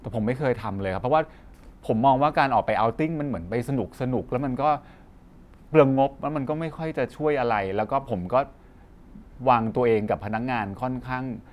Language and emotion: Thai, frustrated